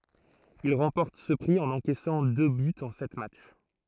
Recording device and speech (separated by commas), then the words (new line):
throat microphone, read sentence
Il remporte ce prix en encaissant deux buts en sept matchs.